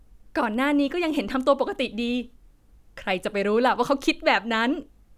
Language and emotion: Thai, happy